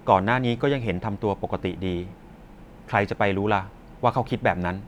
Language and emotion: Thai, frustrated